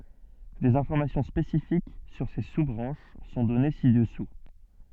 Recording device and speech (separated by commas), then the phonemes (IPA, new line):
soft in-ear microphone, read sentence
dez ɛ̃fɔʁmasjɔ̃ spesifik syʁ se su bʁɑ̃ʃ sɔ̃ dɔne si dəsu